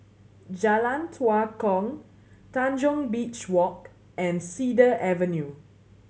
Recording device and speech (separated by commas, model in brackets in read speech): mobile phone (Samsung C7100), read sentence